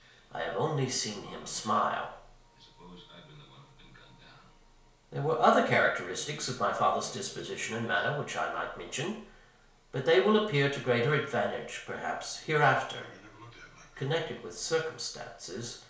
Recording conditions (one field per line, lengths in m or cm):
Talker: one person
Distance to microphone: 1.0 m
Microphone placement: close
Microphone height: 1.1 m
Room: small (3.7 m by 2.7 m)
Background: television